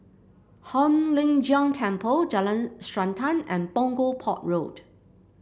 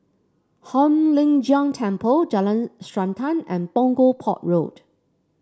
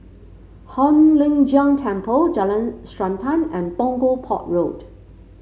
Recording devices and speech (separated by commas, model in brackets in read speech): boundary microphone (BM630), standing microphone (AKG C214), mobile phone (Samsung C5), read sentence